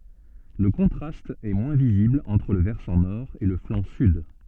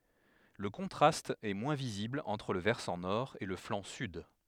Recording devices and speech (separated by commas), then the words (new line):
soft in-ear microphone, headset microphone, read sentence
Le contraste est moins visible entre le versant nord et le flanc sud.